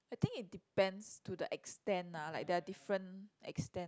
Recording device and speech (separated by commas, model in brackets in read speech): close-talking microphone, conversation in the same room